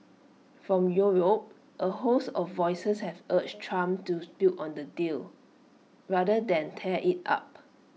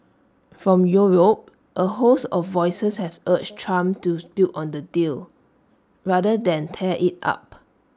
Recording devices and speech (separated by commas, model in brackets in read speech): mobile phone (iPhone 6), standing microphone (AKG C214), read sentence